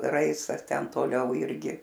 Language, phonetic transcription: Lithuanian, ˈraistas ˈten toˈliau ˈirgi

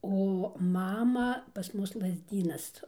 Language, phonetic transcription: Lithuanian, o ˈmama pas ˈmus lazˈdynas

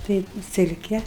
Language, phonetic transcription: Lithuanian, ˈtai ˈsilke

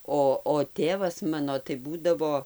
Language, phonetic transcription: Lithuanian, ˈo o ˈtėvas ˈmano tai ˈbūdavo

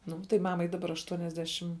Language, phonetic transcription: Lithuanian, ˈnu tai ˈmamai daˈbar aštuoniasˈdešim

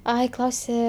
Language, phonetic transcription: Lithuanian, ˈai ˈklausė

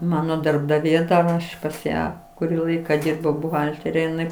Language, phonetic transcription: Lithuanian, ˈmano darbdaˈvė ˈaš pas ˈją kuˈrį ˈlaika ˈdyrbau buˈhaltere iˈnai

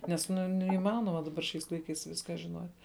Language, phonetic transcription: Lithuanian, nes ˈnu neiˈmanoma ˈdabar šiais ˈlaiˌkais ˈviską žinot'

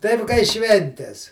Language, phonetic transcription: Lithuanian, ˈtaip kai ˈšventes

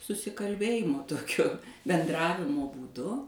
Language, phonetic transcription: Lithuanian, susikalˈbėjimo ˈtokio benˈdravimo būˈdu

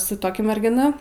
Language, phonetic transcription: Lithuanian, su ˈtokia mergiˈna

